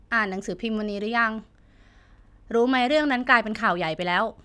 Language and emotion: Thai, neutral